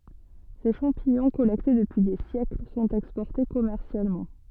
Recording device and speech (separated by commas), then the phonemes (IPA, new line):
soft in-ear microphone, read sentence
se ʃɑ̃piɲɔ̃ kɔlɛkte dəpyi de sjɛkl sɔ̃t ɛkspɔʁte kɔmɛʁsjalmɑ̃